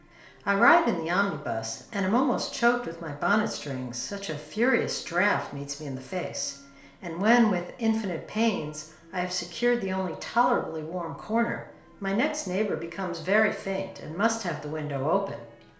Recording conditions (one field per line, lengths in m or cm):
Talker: one person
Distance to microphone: 1.0 m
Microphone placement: close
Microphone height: 1.1 m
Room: small (3.7 m by 2.7 m)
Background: television